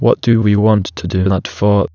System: TTS, waveform concatenation